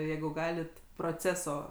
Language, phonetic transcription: Lithuanian, ˈjeigu ˈgalit proˈceso

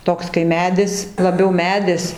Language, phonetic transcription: Lithuanian, ˈtoks kai ˈmedis laˈbiau ˈmedis

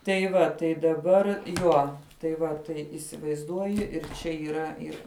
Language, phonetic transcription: Lithuanian, tai ˈva tai daˈbar ˈjuo tai ˈva tai įsivaizˈduoji ir ˈčia yˈra ˈir

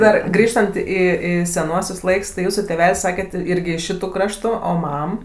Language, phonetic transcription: Lithuanian, ˈdar ˈgrįžtant ˈį ˈį seˈnuosius ˈlaiks tai ˈjūsų tėˈvel's' ˈsaket ˈirgi iš ˈšitu ˈkraštu ˈo ˈmam

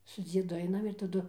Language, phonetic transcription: Lithuanian, su ˈdziedu ˈainam ir taˈdu

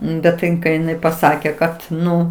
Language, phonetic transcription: Lithuanian, bet tai ˈin kai iˈnai paˈsake ˈkad ˈnu

